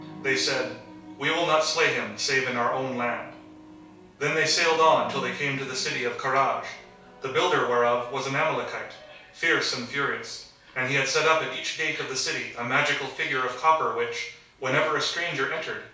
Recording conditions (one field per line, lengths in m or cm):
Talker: one person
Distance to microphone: 3.0 m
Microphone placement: far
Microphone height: 1.8 m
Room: small (3.7 m by 2.7 m)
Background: television